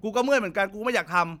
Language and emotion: Thai, frustrated